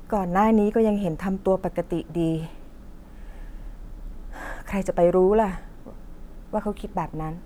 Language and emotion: Thai, frustrated